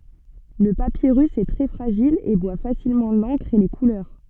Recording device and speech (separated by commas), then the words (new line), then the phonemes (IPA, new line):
soft in-ear microphone, read sentence
Le papyrus est très fragile et boit facilement l'encre et les couleurs.
lə papiʁys ɛ tʁɛ fʁaʒil e bwa fasilmɑ̃ lɑ̃kʁ e le kulœʁ